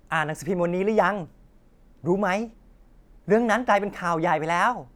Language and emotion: Thai, happy